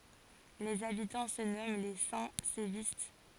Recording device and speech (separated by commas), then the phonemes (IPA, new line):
forehead accelerometer, read sentence
lez abitɑ̃ sə nɔmɑ̃ le sɛ̃ sevist